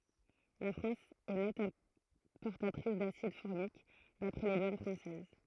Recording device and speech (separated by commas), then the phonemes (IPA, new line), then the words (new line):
throat microphone, read sentence
la fʁɑ̃s ɛ nɛt ɛ̃pɔʁtatʁis dasid fɔʁmik dapʁɛ le dwan fʁɑ̃sɛz
La France est nette importatrice d'acide formique, d'après les douanes françaises.